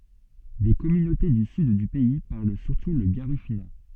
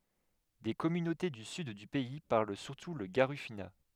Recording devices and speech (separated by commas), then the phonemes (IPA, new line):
soft in-ear microphone, headset microphone, read sentence
de kɔmynote dy syd dy pɛi paʁl syʁtu lə ɡaʁifyna